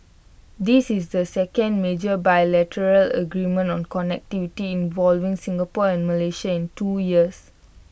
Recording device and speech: boundary microphone (BM630), read sentence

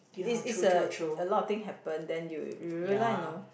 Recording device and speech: boundary microphone, conversation in the same room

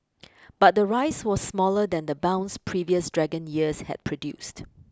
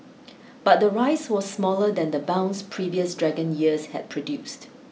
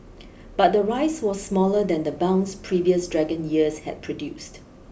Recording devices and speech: close-talking microphone (WH20), mobile phone (iPhone 6), boundary microphone (BM630), read sentence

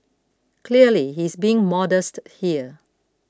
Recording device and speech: close-talking microphone (WH20), read sentence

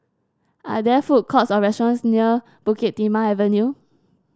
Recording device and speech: standing microphone (AKG C214), read sentence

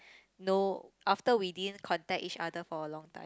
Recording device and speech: close-talking microphone, conversation in the same room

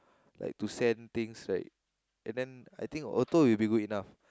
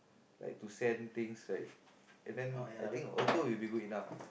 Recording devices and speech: close-talking microphone, boundary microphone, conversation in the same room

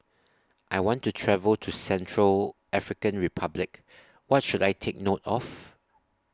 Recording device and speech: standing microphone (AKG C214), read sentence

